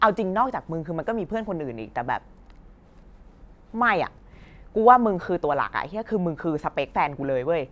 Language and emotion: Thai, frustrated